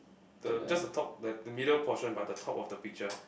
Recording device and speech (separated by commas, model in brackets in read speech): boundary microphone, conversation in the same room